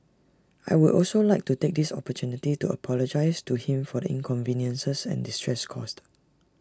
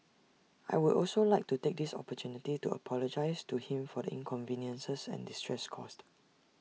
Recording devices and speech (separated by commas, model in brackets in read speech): standing microphone (AKG C214), mobile phone (iPhone 6), read sentence